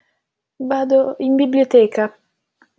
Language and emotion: Italian, neutral